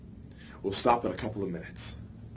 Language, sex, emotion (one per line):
English
male
neutral